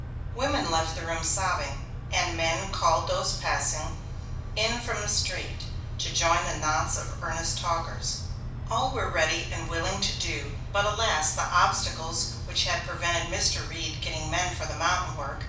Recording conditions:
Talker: one person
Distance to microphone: 5.8 m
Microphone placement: far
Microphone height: 1.8 m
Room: medium-sized (5.7 m by 4.0 m)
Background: none

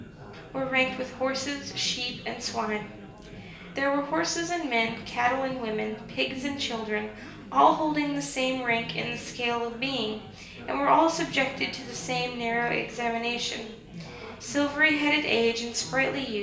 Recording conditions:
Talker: one person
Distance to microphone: 1.8 m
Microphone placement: close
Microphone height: 1.0 m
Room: large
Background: babble

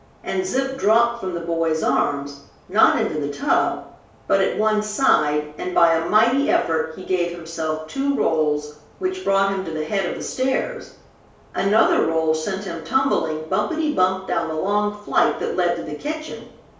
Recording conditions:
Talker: one person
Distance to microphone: 3.0 m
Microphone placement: far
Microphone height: 1.8 m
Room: small (3.7 m by 2.7 m)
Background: none

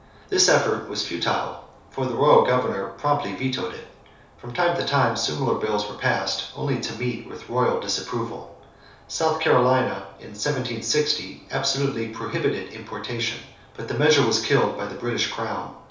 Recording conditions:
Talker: one person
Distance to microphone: 3.0 m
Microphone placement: far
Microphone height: 1.8 m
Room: small (3.7 m by 2.7 m)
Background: none

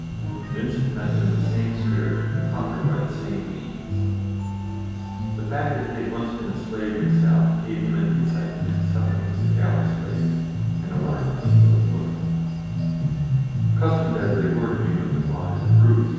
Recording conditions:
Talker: one person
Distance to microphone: 7.1 m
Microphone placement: far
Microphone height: 1.7 m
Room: very reverberant, large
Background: music

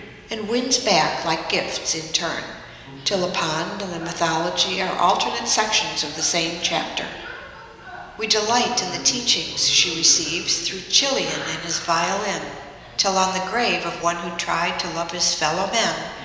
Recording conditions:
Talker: one person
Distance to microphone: 1.7 m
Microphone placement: close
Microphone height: 1.0 m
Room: very reverberant, large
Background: television

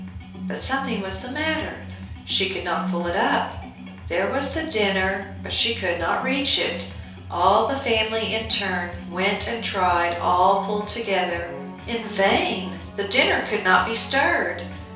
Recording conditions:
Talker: one person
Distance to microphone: 3.0 m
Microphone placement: far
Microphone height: 1.8 m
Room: small (3.7 m by 2.7 m)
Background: music

